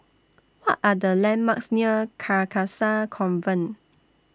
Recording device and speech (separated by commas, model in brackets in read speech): standing microphone (AKG C214), read sentence